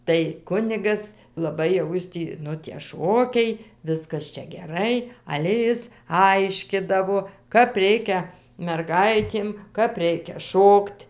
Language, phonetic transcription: Lithuanian, tai ˈkunigas laˈbai jau ˈjis tį ˈnu tie ˈšokiai ˈviskas ˈčia geˈrai ˈale ˈjis ˈaiškidavo ˈkap ˈreikia merˈgaitėm ˈkap ˈreikia ˈšokt'

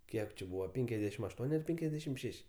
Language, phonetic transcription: Lithuanian, ˈkiek či ˈbūva ˈpenkiasˌ dešim ašˈtuon' ar ˈpenkiasˌ dešim ˈšeš'

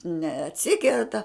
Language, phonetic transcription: Lithuanian, neatˈsikerta

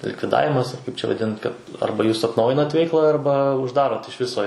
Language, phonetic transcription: Lithuanian, likviˈdavimas ar ˈkaip čia vaˈdint ˈkad ˈarba ˈjūs atnˈaujinat ˈveikla arba užˈdarot iš ˈviso

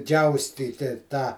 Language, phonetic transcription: Lithuanian, ˈdžiaustyti tą

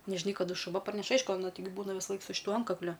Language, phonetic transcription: Lithuanian, nežiˈnai kaˈdu šuˈva parˈneš ˈaišku aˈna taiˈgi ˈbūna visaˈlaik su šiˈtuo ˈantkakliu

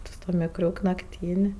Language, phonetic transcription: Lithuanian, ti su tuo mikˈriuk nakˈtyn'

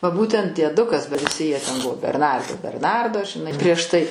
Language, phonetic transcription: Lithuanian, va ˈbūtent dieˈdukas ba viˈsi jie ten ˈbuvo berˈnardai berˈnardo žiˈnai prieš tai

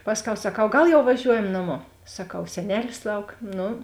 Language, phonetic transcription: Lithuanian, ˈpasˌkiau saˈkau ˈgal jau vaˈžiuojam naˈmo saˈkau seˈnelis ˈlauk ˈnu

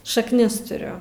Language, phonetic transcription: Lithuanian, šakˈnis tuˈriu

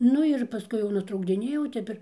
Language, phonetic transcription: Lithuanian, ˈnu ir paˈskui jau nutraukdiˈnėjau ˈtep ir

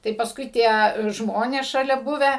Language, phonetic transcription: Lithuanian, tai paˈskui ˈtie ˈžmonės šaˈlia ˈbuvę

